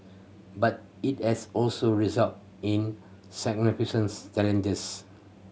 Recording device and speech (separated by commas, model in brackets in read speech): mobile phone (Samsung C7100), read sentence